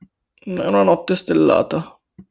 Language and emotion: Italian, sad